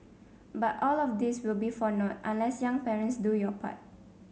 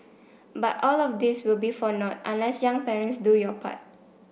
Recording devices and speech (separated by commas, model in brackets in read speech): mobile phone (Samsung C7), boundary microphone (BM630), read sentence